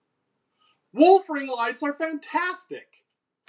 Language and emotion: English, surprised